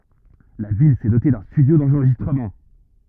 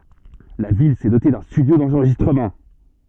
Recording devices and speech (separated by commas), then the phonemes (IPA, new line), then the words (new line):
rigid in-ear microphone, soft in-ear microphone, read sentence
la vil sɛ dote dœ̃ stydjo dɑ̃ʁʒistʁəmɑ̃
La ville s’est dotée d’un studio d’enregistrement.